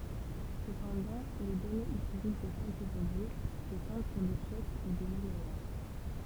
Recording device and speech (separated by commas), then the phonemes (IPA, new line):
temple vibration pickup, read sentence
səpɑ̃dɑ̃ le dɔnez istoʁik də kɛlkəz ɔbʒɛ setɑ̃d syʁ de sjɛkl u de milenɛʁ